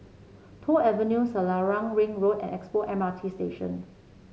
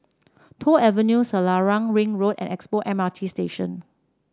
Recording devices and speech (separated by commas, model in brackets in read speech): mobile phone (Samsung C7), standing microphone (AKG C214), read sentence